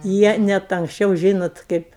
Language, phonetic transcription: Lithuanian, ˈjie net anksˈčiau ˈžynot ˈkaip

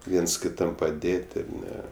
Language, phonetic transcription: Lithuanian, ˈviens kiˈtam paˈdėt' ir ˈne

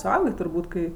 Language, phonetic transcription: Lithuanian, suˈaugė turˈbūt kai

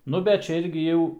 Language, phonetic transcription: Lithuanian, ˈnu bet ˈčia ˈirgi jau

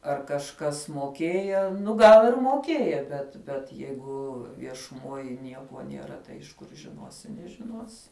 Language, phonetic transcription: Lithuanian, ar kažˈkas moˈkėja ˈnu ˈgal ir moˈkėja bet bet ˈjeigu viešuˈmoj ˈniekuo nieˈra tai iš ˈkur žiˈnuosi nežiˈnuosi

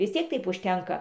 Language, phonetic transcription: Lithuanian, vis ˈtiek ˈtaip užˈtenka

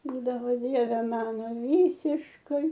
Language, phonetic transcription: Lithuanian, ˈbūdavo ˈdieve ˈmano ˈvysiškai

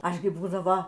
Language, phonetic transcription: Lithuanian, ˈaš gi ˈbūdavo

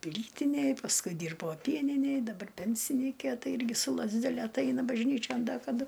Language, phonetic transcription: Lithuanian, ˈplytinėj pasˈkui ˈdyrbo ˈpieninėj daˈbar ˈpensinykė ˈtai ˈirgi su lazdeˈle atˈaina bažˈnyčion ˈda kaˈdu

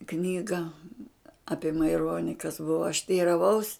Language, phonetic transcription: Lithuanian, ˈknyga ˈapie maiˈroni kas ˈbuvo aš teiraˈvaus

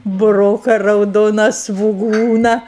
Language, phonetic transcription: Lithuanian, buˈroka rauˈdona svuˈgūna

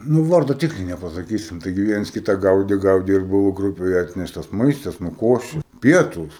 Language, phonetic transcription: Lithuanian, ˈnū ˈvardo ˈtikrai nepasaˈkysim ˈtaigi ˈviens ˈkita ˈgaudi ˈgaudi ir ˈbuvo ˈgrupei ˈatneštas ˈmaistas ˈnu ˈkoši ˈpietūs

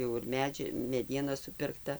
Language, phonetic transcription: Lithuanian, ˈjau ir ˈmedži meˈdiena supirkˈta

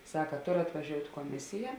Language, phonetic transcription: Lithuanian, ˈsaka ˈtor atvaˈžiout' koˈmisija

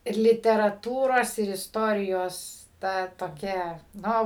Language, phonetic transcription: Lithuanian, ir literaˈtūros ir isˈtorijos ˈta toˈkia ˈno

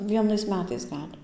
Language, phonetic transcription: Lithuanian, ˈvienais ˈmetais ˈgal'

